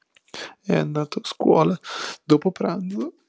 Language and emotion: Italian, sad